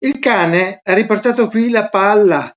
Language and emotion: Italian, surprised